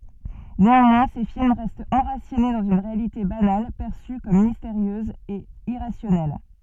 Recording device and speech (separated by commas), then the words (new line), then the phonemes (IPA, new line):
soft in-ear microphone, read sentence
Néanmoins, ses films restent enracinés dans une réalité banale, perçue comme mystérieuse et irrationnelle.
neɑ̃mwɛ̃ se film ʁɛstt ɑ̃ʁasine dɑ̃z yn ʁealite banal pɛʁsy kɔm misteʁjøz e iʁasjɔnɛl